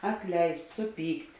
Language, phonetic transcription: Lithuanian, atˈleist' suˈpykt'

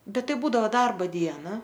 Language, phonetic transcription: Lithuanian, ˈbet ˈtai ˈbūdavo ˈdarbo ˈdiena

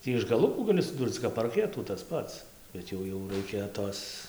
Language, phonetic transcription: Lithuanian, ˈtį iš gaˈlukų ˈgali suˈdūrc kap parˈketų tas ˈpats bet ˈjau jau ˈraikia ˈtos

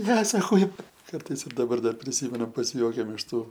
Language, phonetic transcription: Lithuanian, ˈne saˈkau ˈkartais ir daˈbar ˈdar priˈsymenu pasiˈjuokiam iš ˈtų

